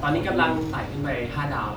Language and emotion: Thai, neutral